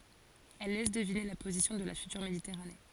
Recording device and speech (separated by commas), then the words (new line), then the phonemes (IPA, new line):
forehead accelerometer, read sentence
Elle laisse deviner la position de la future Méditerranée.
ɛl lɛs dəvine la pozisjɔ̃ də la fytyʁ meditɛʁane